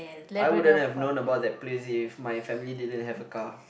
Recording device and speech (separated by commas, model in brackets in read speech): boundary microphone, conversation in the same room